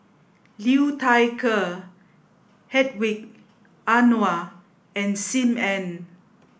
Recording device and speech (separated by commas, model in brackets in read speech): boundary microphone (BM630), read sentence